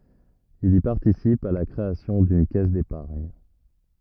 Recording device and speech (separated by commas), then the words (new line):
rigid in-ear microphone, read sentence
Il y participe à la création d'une caisse d'épargne.